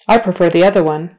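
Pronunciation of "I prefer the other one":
'I prefer the other one' is said in a natural manner and at natural speed, not slowly.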